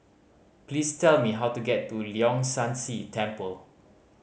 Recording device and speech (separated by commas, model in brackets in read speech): mobile phone (Samsung C5010), read sentence